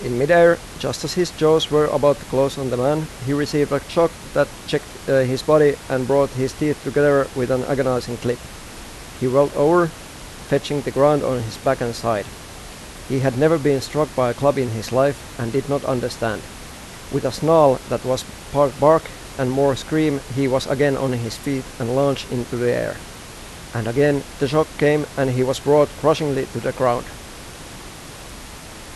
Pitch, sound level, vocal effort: 140 Hz, 87 dB SPL, normal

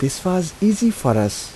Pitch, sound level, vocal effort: 160 Hz, 80 dB SPL, soft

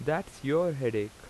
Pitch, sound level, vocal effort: 125 Hz, 87 dB SPL, loud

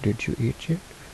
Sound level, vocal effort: 69 dB SPL, soft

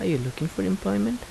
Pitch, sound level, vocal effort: 130 Hz, 77 dB SPL, soft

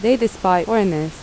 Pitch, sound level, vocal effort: 190 Hz, 83 dB SPL, normal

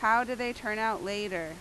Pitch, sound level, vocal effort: 220 Hz, 90 dB SPL, very loud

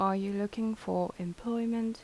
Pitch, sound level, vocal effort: 205 Hz, 79 dB SPL, soft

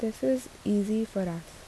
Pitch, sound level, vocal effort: 220 Hz, 76 dB SPL, soft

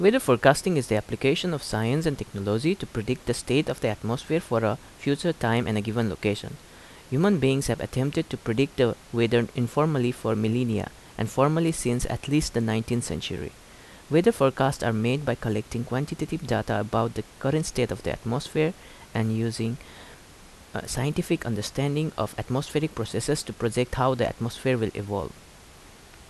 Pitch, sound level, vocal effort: 120 Hz, 80 dB SPL, normal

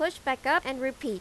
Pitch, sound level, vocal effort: 265 Hz, 91 dB SPL, loud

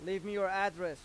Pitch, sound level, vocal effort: 190 Hz, 97 dB SPL, loud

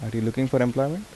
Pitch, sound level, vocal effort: 130 Hz, 80 dB SPL, soft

